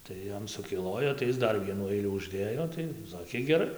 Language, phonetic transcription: Lithuanian, tai ˈjam sukiˈlojo tai ˈis ˈdar ˈvienų ˈailių užˈdėjo tai ˈsakė geˈrai

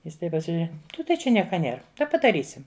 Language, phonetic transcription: Lithuanian, ˈjis ˈtaip pasižiuˈre ˈtai čia ˈnieka ˈnėr ˈtai padaˈrysim

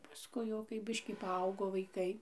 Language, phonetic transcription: Lithuanian, paˈskui jau kai ˈbiškį paˈaugo vaiˈkai

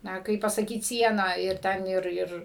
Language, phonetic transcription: Lithuanian, ˈna ˈkaip pasaˈkyt ˈsieną ir ˈten ˈir ˈir

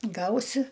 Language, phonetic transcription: Lithuanian, ˈgausi

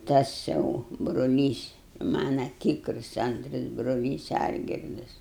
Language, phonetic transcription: Lithuanian, ˈtas jau bruˈlys ˈmana ˈtykrus ˈantras bruˈlys ˈalgirdas

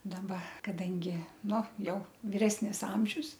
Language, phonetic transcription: Lithuanian, daˈba kaˈdangi ˈnu ˈjau viˈresnis ˈamžius

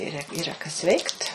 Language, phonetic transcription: Lithuanian, ˈyra yˈra kas ˈveikt

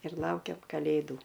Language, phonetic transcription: Lithuanian, ir ˈlaukiam kaˈlėdų

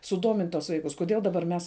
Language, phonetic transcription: Lithuanian, suˈdomint' tuos ˈvaikus kuˈdiel daˈbar ˈmes

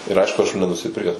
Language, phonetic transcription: Lithuanian, ir ˈaišku aš jų nenusiˈpirkes

